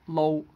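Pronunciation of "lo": The word 'load' is said as 'lo', with the final d deleted, the way it is pronounced in Hong Kong English.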